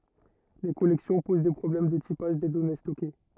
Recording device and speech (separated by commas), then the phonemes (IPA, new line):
rigid in-ear microphone, read sentence
le kɔlɛksjɔ̃ poz de pʁɔblɛm də tipaʒ de dɔne stɔke